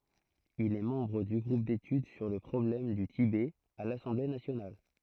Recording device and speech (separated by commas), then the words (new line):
throat microphone, read sentence
Il est membre du groupe d'études sur le problème du Tibet à l'Assemblée nationale.